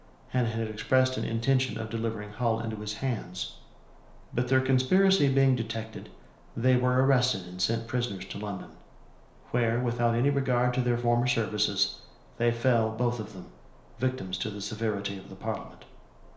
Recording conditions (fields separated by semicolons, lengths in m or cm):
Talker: one person; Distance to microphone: 1.0 m; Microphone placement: close; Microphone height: 1.1 m; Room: small (3.7 m by 2.7 m); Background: none